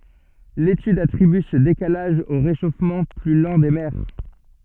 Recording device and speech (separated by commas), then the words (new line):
soft in-ear microphone, read sentence
L'étude attribue ce décalage au réchauffement plus lent des mers.